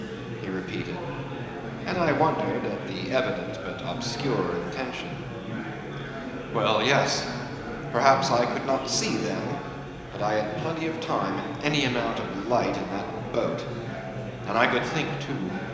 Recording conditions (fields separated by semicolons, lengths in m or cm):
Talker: one person; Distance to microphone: 1.7 m; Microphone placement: close; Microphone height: 1.0 m; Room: very reverberant, large; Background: babble